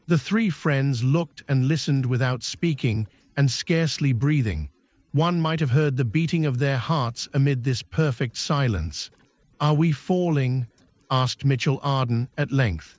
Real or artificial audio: artificial